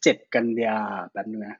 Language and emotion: Thai, neutral